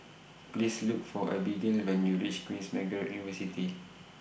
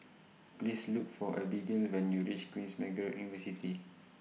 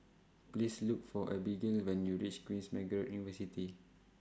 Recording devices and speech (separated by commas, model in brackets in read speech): boundary microphone (BM630), mobile phone (iPhone 6), standing microphone (AKG C214), read sentence